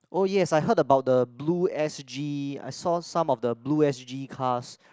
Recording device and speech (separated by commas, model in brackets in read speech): close-talking microphone, conversation in the same room